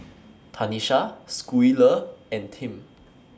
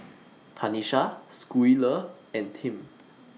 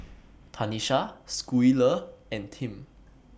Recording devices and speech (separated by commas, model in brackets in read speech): standing microphone (AKG C214), mobile phone (iPhone 6), boundary microphone (BM630), read sentence